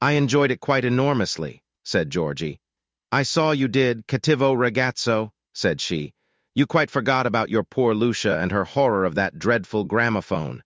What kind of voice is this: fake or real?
fake